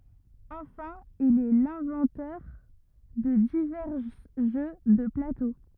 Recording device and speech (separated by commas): rigid in-ear microphone, read sentence